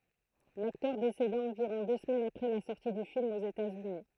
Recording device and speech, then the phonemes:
throat microphone, read sentence
laktœʁ deseda ɑ̃viʁɔ̃ dø səmɛnz apʁɛ la sɔʁti dy film oz etatsyni

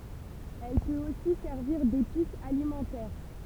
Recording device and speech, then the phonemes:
temple vibration pickup, read sentence
ɛl pøt osi sɛʁviʁ depis alimɑ̃tɛʁ

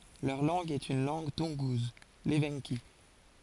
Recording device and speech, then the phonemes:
forehead accelerometer, read sentence
lœʁ lɑ̃ɡ ɛt yn lɑ̃ɡ tunɡuz levɑ̃ki

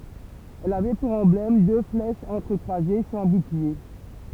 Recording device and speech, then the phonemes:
temple vibration pickup, read sentence
ɛl avɛ puʁ ɑ̃blɛm dø flɛʃz ɑ̃tʁəkʁwaze syʁ œ̃ buklie

